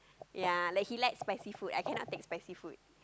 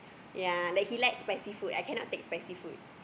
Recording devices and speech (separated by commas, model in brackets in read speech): close-talking microphone, boundary microphone, conversation in the same room